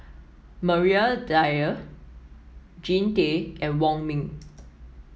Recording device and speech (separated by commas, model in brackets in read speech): mobile phone (iPhone 7), read sentence